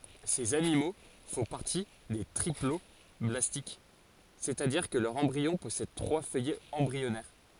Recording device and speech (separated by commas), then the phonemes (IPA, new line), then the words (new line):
forehead accelerometer, read sentence
sez animo fɔ̃ paʁti de tʁiplɔblastik sɛstadiʁ kə lœʁ ɑ̃bʁiɔ̃ pɔsɛd tʁwa fœjɛz ɑ̃bʁiɔnɛʁ
Ces animaux font partie des triploblastiques, c'est-à-dire que leur embryon possède trois feuillets embryonnaires.